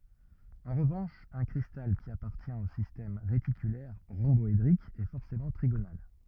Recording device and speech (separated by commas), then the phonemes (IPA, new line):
rigid in-ear microphone, read sentence
ɑ̃ ʁəvɑ̃ʃ œ̃ kʁistal ki apaʁtjɛ̃t o sistɛm ʁetikylɛʁ ʁɔ̃bɔedʁik ɛ fɔʁsemɑ̃ tʁiɡonal